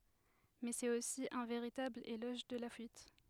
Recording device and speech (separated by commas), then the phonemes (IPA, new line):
headset microphone, read sentence
mɛ sɛt osi œ̃ veʁitabl elɔʒ də la fyit